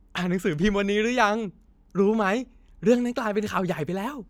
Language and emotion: Thai, happy